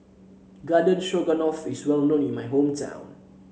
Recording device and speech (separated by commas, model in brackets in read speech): mobile phone (Samsung C7), read sentence